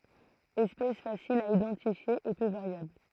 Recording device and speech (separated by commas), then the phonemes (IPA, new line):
throat microphone, read sentence
ɛspɛs fasil a idɑ̃tifje e pø vaʁjabl